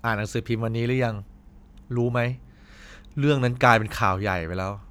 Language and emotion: Thai, frustrated